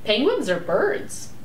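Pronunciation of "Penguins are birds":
'Penguins are birds' has two stresses, and the voice inflects up on both of them.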